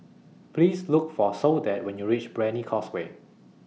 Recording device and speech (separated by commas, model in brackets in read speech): mobile phone (iPhone 6), read sentence